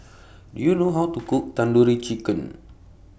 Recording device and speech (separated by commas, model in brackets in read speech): boundary microphone (BM630), read sentence